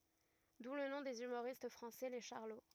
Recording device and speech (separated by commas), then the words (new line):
rigid in-ear microphone, read sentence
D'où le nom des humoristes français, les Charlots.